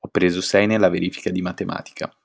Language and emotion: Italian, neutral